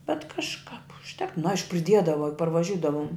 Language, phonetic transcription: Lithuanian, bet kažˈkap užˈtek nu ˈaišku priˈdiedava juk parvaˈžiudavum

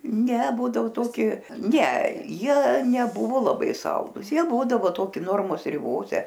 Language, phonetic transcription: Lithuanian, ne ˈbūdavo ˈtoki ne ˈjie neˈbuvo laˈbai ˈsaldūs ˈjie ˈbūdavo ˈtoki ˈnormos riˈbose

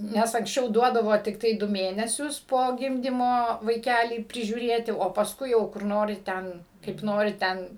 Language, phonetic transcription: Lithuanian, ˈnes anksˈčiau ˈduodavo tikˈtai ˈdu ˈmėnesius po ˈgimdymo vaiˈkælį prižiūˈrėti o pasˈkui jau kur ˈnori ˈten kaip ˈnori ˈten

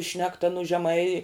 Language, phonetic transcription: Lithuanian, ˈšnekta nu žeˈmai

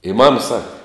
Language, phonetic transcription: Lithuanian, i mam ˈsaka

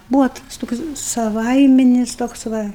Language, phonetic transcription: Lithuanian, ˈbūva tas ˈtoks saˈvaiminis ˈtoks ˈva

